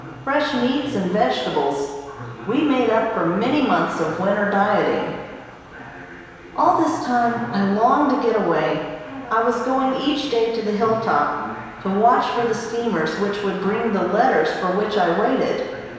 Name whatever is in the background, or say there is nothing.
A television.